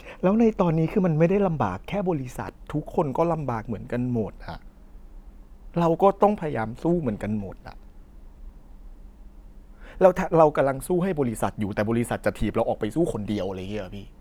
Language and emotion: Thai, frustrated